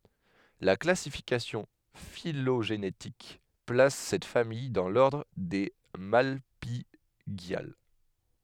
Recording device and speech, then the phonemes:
headset microphone, read sentence
la klasifikasjɔ̃ filoʒenetik plas sɛt famij dɑ̃ lɔʁdʁ de malpiɡjal

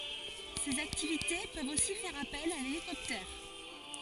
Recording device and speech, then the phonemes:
forehead accelerometer, read sentence
sez aktivite pøvt osi fɛʁ apɛl a lelikɔptɛʁ

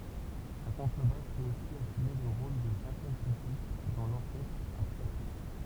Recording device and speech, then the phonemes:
temple vibration pickup, read sentence
la kɔ̃tʁəbas pøt osi asyme lə ʁol də sɛ̃kjɛm pypitʁ dɑ̃ lɔʁkɛstʁ a plɛktʁ

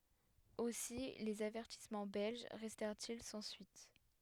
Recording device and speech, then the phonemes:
headset microphone, read sentence
osi lez avɛʁtismɑ̃ bɛlʒ ʁɛstɛʁt il sɑ̃ syit

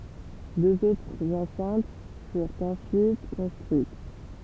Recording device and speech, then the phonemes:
temple vibration pickup, read sentence
døz otʁz ɑ̃sɛ̃t fyʁt ɑ̃syit kɔ̃stʁyit

